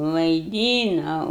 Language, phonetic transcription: Lithuanian, vaiˈdynau

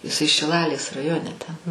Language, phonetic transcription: Lithuanian, iˈsai šiˈlalės raˈjone ten

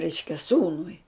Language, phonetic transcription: Lithuanian, ˈreiškia ˈsūnui

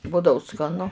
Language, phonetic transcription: Lithuanian, ˈbudau skaˈnu

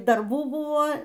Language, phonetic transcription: Lithuanian, darˈbų ˈbuvo

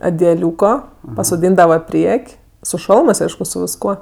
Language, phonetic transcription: Lithuanian, adiaˈliūko pasoˈdyndava ˈpriek' su ˈšalmɜs ˈaišku su visˈkuo

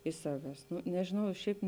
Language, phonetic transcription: Lithuanian, iš ˈsaves ˈnu nežiˈnau i ˈšiaip

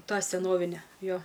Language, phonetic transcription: Lithuanian, ˈtą seˈnovine ˈjo

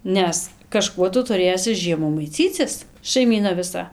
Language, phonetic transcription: Lithuanian, ˈnes kaˈžkuo ˈtu tuˈrėsi ˈžiemų maiˈcycis šaiˈmyna viˈsa

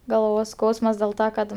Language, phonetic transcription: Lithuanian, galˈvos ˈskausmas dėl ˈta kad

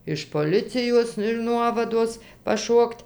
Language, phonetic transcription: Lithuanian, iš poˈlicijos ir ˈnuovados paˈšokt'

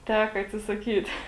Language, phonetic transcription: Lithuanian, ˈteka atsisaˈkyt

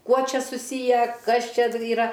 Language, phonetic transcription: Lithuanian, ˈkuo ˈčia suˈsyję ˈkas ˈčia yˈra

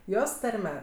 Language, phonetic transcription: Lithuanian, ˈjos ˈtarme

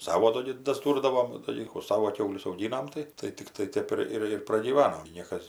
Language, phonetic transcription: Lithuanian, ˈsavo ˈdo gi dasˈdūrdavom daˈlykų ˈsavo ˈkiaulius auˈgynam ˈtai tai ˈtikrai ˈtep ir ˈir ir pragyˈvanom gi ˈniekas

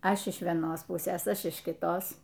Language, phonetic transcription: Lithuanian, ˈaš iš vieˈnos ˈpusės ˈaš iš kiˈtos

